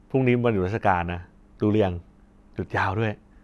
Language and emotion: Thai, neutral